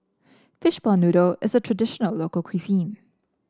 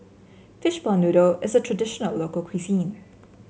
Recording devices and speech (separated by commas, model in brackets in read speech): standing microphone (AKG C214), mobile phone (Samsung C7), read sentence